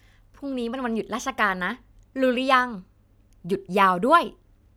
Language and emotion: Thai, happy